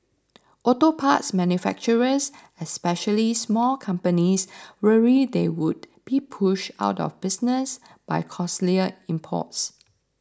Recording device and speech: standing microphone (AKG C214), read sentence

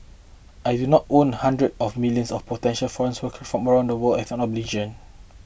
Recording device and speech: boundary microphone (BM630), read sentence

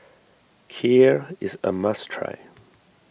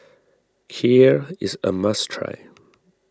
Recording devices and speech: boundary microphone (BM630), standing microphone (AKG C214), read sentence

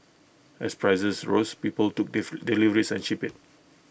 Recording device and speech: boundary microphone (BM630), read sentence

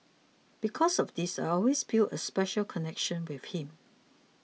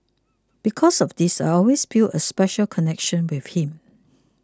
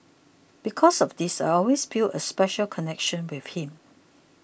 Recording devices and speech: mobile phone (iPhone 6), close-talking microphone (WH20), boundary microphone (BM630), read sentence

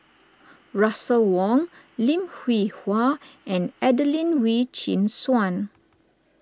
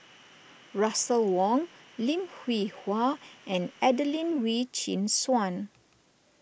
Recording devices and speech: standing microphone (AKG C214), boundary microphone (BM630), read sentence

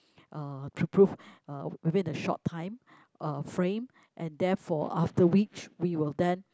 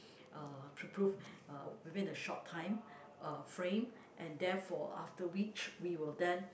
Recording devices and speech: close-talking microphone, boundary microphone, conversation in the same room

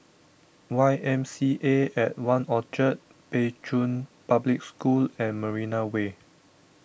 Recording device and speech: boundary microphone (BM630), read sentence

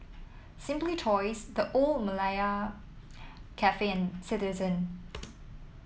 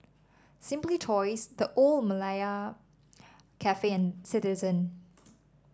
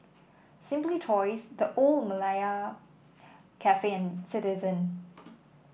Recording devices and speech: mobile phone (iPhone 7), standing microphone (AKG C214), boundary microphone (BM630), read sentence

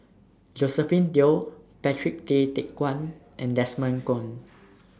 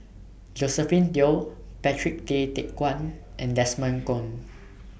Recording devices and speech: standing microphone (AKG C214), boundary microphone (BM630), read sentence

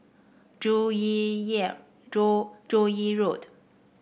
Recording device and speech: boundary microphone (BM630), read sentence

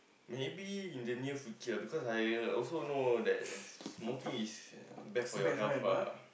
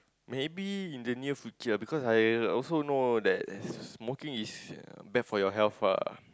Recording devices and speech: boundary microphone, close-talking microphone, conversation in the same room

